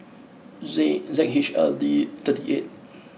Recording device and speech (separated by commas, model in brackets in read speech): mobile phone (iPhone 6), read sentence